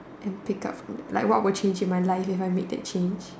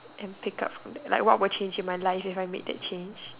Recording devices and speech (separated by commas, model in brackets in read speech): standing microphone, telephone, conversation in separate rooms